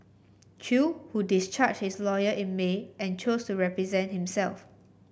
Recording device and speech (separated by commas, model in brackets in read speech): boundary microphone (BM630), read sentence